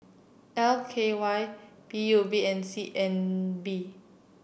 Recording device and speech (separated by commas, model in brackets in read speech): boundary microphone (BM630), read sentence